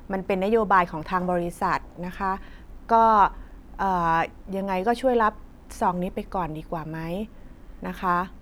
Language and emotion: Thai, frustrated